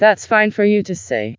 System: TTS, vocoder